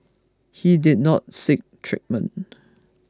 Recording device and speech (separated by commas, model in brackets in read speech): close-talking microphone (WH20), read sentence